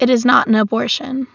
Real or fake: real